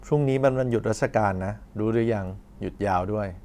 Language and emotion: Thai, neutral